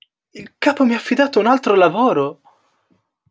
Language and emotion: Italian, surprised